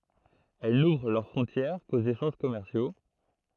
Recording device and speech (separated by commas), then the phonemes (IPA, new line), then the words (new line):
throat microphone, read sentence
ɛl nuvʁ lœʁ fʁɔ̃tjɛʁ koz eʃɑ̃ʒ kɔmɛʁsjo
Elles n'ouvrent leurs frontières qu'aux échanges commerciaux.